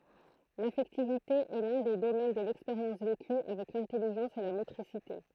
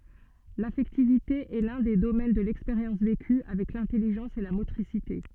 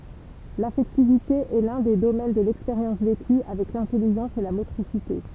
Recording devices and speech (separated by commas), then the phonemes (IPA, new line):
throat microphone, soft in-ear microphone, temple vibration pickup, read sentence
lafɛktivite ɛ lœ̃ de domɛn də lɛkspeʁjɑ̃s veky avɛk lɛ̃tɛliʒɑ̃s e la motʁisite